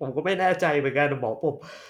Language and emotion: Thai, sad